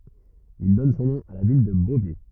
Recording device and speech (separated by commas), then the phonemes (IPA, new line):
rigid in-ear microphone, read sentence
il dɔn sɔ̃ nɔ̃ a la vil də bovɛ